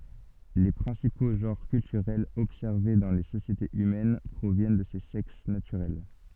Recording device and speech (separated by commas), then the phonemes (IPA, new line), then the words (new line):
soft in-ear microphone, read sentence
le pʁɛ̃sipo ʒɑ̃ʁ kyltyʁɛlz ɔbsɛʁve dɑ̃ le sosjetez ymɛn pʁovjɛn də se sɛks natyʁɛl
Les principaux genres culturels observés dans les sociétés humaines proviennent de ces sexes naturels.